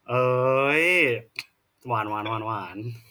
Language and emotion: Thai, frustrated